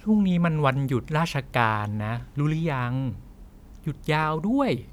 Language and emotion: Thai, frustrated